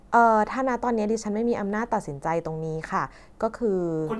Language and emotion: Thai, neutral